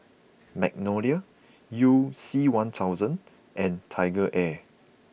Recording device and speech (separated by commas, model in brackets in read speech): boundary microphone (BM630), read sentence